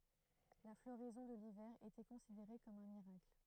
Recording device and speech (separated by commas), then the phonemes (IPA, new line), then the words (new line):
throat microphone, read sentence
la floʁɛzɔ̃ də livɛʁ etɛ kɔ̃sideʁe kɔm œ̃ miʁakl
La floraison de l'hiver était considérée comme un miracle.